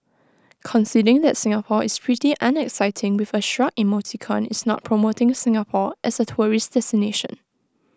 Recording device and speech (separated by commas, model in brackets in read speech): close-talking microphone (WH20), read sentence